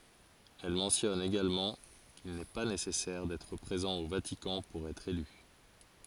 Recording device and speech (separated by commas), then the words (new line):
forehead accelerometer, read sentence
Elle mentionne également qu'il n'est pas nécessaire d'être présent au Vatican pour être élu.